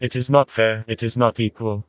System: TTS, vocoder